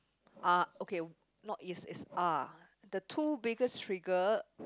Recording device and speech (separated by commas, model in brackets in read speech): close-talking microphone, conversation in the same room